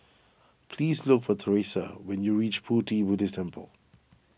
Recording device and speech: boundary microphone (BM630), read sentence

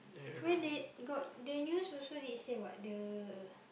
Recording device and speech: boundary microphone, conversation in the same room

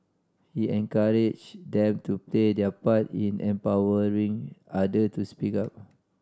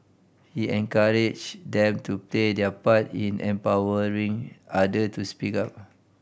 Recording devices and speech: standing microphone (AKG C214), boundary microphone (BM630), read sentence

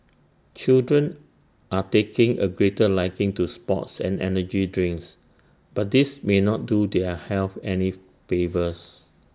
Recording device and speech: standing microphone (AKG C214), read sentence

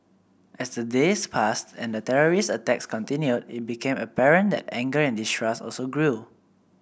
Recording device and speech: boundary microphone (BM630), read sentence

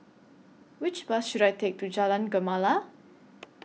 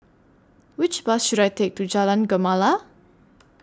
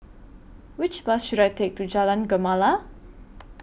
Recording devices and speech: mobile phone (iPhone 6), standing microphone (AKG C214), boundary microphone (BM630), read sentence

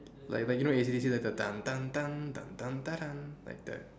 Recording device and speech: standing microphone, conversation in separate rooms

